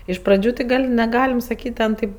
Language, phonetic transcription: Lithuanian, iš praˈdžių ti ˈgal' neˈgalim saˈkyt' ˈ ten taip

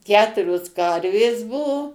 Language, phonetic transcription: Lithuanian, ˈketurios ˈkarvės ˈbuvo

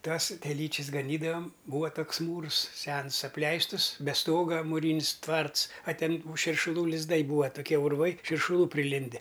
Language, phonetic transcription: Lithuanian, ˈtas teˈlyčis gaˈnydavam ˈbūva ˈtoks ˈmūrs ˈsens apˈleistus be ˈstoga muˈrynis ˈtvarts a ˈten tų širšuˈlų lizˈdai ˈbūa toˈkie urˈvai širšuˈlų priˈlinde

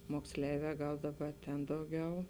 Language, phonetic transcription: Lithuanian, moksˈleivē ˈgal ˈdaˌba ten ˈdauˌgiau

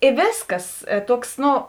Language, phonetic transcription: Lithuanian, i ˈvėsˌkas ė ˈtuoks ˈno

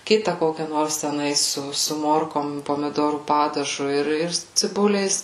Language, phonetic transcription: Lithuanian, ˈkita ˈkokia ˈnors teˈnais ˈsu su ˈmorkom pomiˈdorų ˈpadažu ir ir ciˈbuliais

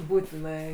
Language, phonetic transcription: Lithuanian, ˈbūtinai

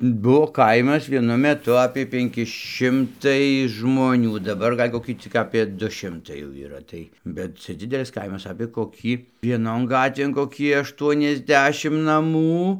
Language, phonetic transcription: Lithuanian, ˈbuo ˈkaimas vieˈnu meˈtu apie penˈki ˈšimtai žmoˈnių daˈbar ˈgal' koˈkį cik apie ˈdu ˈšimtai jau yˈra ˈtai bet ˈcia ˈdzidelis ˈkaimas apė koˈkį vieˈnon ˈgatvėn koˈkį ˌaštuoniasˈdešim naˈmų

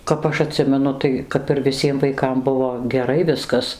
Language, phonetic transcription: Lithuanian, kap ˈaš aˈtsimenu ˈtai kap ir viˈsiem vaiˈkam ˈbuvo geˈrai ˈviskas

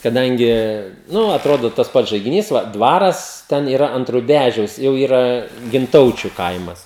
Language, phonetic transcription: Lithuanian, kaˈdangi ˈnu atˈrodo tas ˈpats žaigiˈnys ˈva ˈdvaras ten yˈra ant ruˈbæžiaus jau ˈyra ginˈtaučiu ˈkaimas

